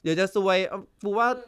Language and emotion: Thai, frustrated